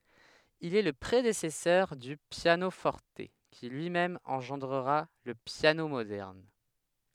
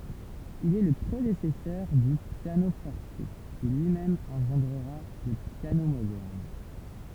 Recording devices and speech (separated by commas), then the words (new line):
headset microphone, temple vibration pickup, read sentence
Il est le prédécesseur du piano-forte, qui lui-même engendra le piano moderne.